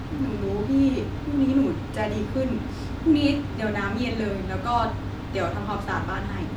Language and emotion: Thai, sad